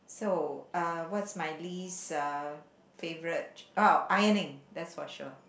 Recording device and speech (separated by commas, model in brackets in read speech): boundary microphone, conversation in the same room